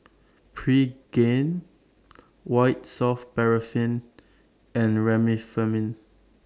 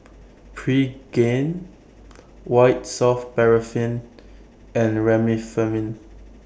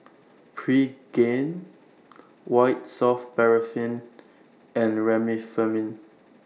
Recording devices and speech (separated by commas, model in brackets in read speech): standing microphone (AKG C214), boundary microphone (BM630), mobile phone (iPhone 6), read sentence